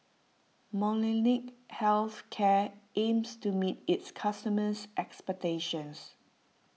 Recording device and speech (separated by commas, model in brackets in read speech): mobile phone (iPhone 6), read sentence